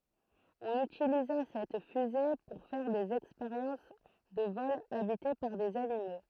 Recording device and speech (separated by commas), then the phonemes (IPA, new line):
throat microphone, read sentence
ɔ̃n ytiliza sɛt fyze puʁ fɛʁ dez ɛkspeʁjɑ̃s də vɔlz abite paʁ dez animo